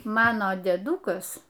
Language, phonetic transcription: Lithuanian, ˈmano dėˈdukas

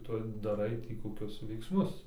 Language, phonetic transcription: Lithuanian, ˈtu daˈrai tį koˈkius veiksˈmus

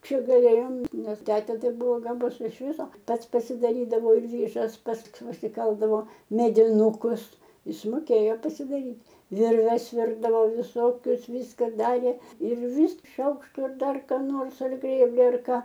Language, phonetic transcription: Lithuanian, ˈčia gaˈlėjom ˈnes ˈtetė ˈtai ˈbuvo gaˈbus iš ˈviso ˈpas pasidaˈrydavo ir ˈvyžas ˈpats pasiˈkaldavo mediˈnūkus ˈis moˈkėjo pasidaˈryt' ˈvirves ˈvirdavo viˈsokius ˈvyska ˈdarė ir vys ˈšaukštu ir ˈdar ką ˈnors ar ˈgrėbli ar ˈką

